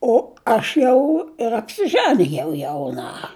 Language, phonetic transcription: Lithuanian, o ˈaš jau ir apsiˈžanijau jauˈna

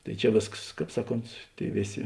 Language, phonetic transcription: Lithuanian, tai ˈčia ˈvėskas ˈkāp ˈsaˌkont ˈtėi ˈvėˌsė

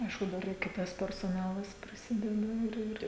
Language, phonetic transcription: Lithuanian, ˈaišku ˈdar ir ˈkitas persoˈnalas priˈsideda ir ˈir

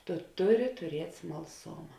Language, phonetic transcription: Lithuanian, tu ˈtuˌri tuˈriet' smalˈsoma

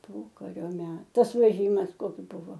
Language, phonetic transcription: Lithuanian, ˈpokario ˈmet ˈtas veˈžymas ˈkoks ˈbuvo

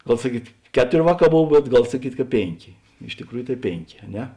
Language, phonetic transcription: Lithuanian, ˈgal saˈkyt ˈkeˌtor' ˈvāˌkā ˈbov bet ˈgal saˈkyt' ka ˈpėnˌkė iš tikˈrųju tai ˈpėnˌkė a ˈne

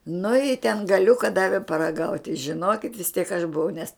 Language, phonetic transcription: Lithuanian, nu i ten gaˈliuka ˈdavi paraˈgaut' tai žiˈnokit' vis tiek aš buˈvau nes

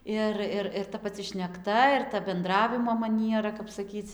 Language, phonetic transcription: Lithuanian, ˈir ir ir ta paˈci šnekˈta ir ta benˈdravimo maˈniera kap saˈkyc

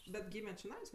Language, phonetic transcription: Lithuanian, bet ˈgyme čiˈnais

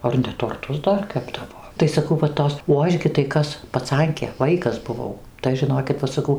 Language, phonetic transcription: Lithuanian, ˈar ne torˈtus ˈdar ˈkepdavo tai saˈkau va ˈtos o ˈaš gi tai ˈkas paˈcankė ˈvaikas buˈvau tai ˈaš žiˈnokit ˈva saˈkau

